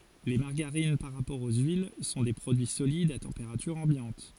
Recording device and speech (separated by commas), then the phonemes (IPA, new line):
forehead accelerometer, read sentence
le maʁɡaʁin paʁ ʁapɔʁ o yil sɔ̃ de pʁodyi solidz a tɑ̃peʁatyʁ ɑ̃bjɑ̃t